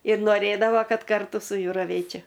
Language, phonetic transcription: Lithuanian, ir noˈrėdavo ˈkad ˈkartu su ˈju raˈvėčia

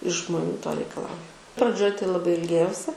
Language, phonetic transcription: Lithuanian, iš žmoˈnių to reikaˈlauju praˈdžioj tai laˈbai ilˈgėjausi

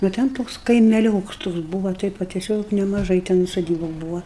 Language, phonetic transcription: Lithuanian, nu ˈten ˈtoks kaimeˈlioks ˈtoks ˈbūva ˈtaip va teˈsiog nemaˈžai ten soˈdybu ˈbūva

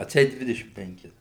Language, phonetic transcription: Lithuanian, atˈseit ˈdvidešim penˈkis

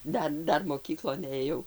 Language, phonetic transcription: Lithuanian, ˈdar ˈdar moˈkyklon ėˈjau

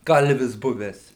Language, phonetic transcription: Lithuanian, ˈkalvis ˈbuvęs

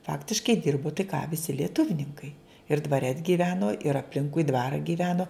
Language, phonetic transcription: Lithuanian, ˈfaktiškai ˈdirbo tai ką viˈsi lieˈtuvninkai ir dvaˈre t gyˈveno ir apˈlinkui ˈdvarą gyˈveno

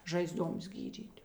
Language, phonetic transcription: Lithuanian, ˈžaizˌduoms ˈgydyt'

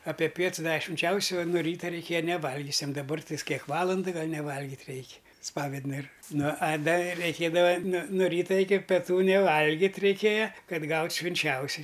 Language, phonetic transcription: Lithuanian, ape ˈpiets ˈdave švinˈčiausio o nu ˈryta reiˈkėja neˈvalgiusiam daˈbar tais ˈkiek ˈvalandɨ ˈgal neˈvalgit' ˈreik' ˈspavednɨr ˈnu a ˈda reiˈkėdava nu no ˈryta iki peˈtų neˈvalgit' reiˈkėja ˈkad ˈgaut' švinˈčiausi

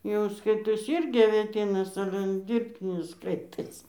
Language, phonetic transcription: Lithuanian, jau ˈskaitosi ˈirgi avėˈtynas ˈale ˈdyrbtinis ˈskaitosi

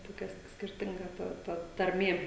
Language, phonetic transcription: Lithuanian, toˈkia s skirˈtinga ˈta ta tarˈmė

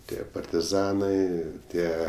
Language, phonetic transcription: Lithuanian, ˈtie partiˈzanai ˈtie

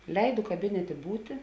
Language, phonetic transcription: Lithuanian, ˈleidu kaˈbinetė ˈbūti

